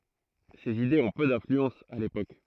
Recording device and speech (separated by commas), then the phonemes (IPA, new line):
throat microphone, read sentence
sez idez ɔ̃ pø dɛ̃flyɑ̃s a lepok